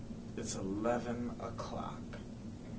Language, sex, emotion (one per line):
English
male
neutral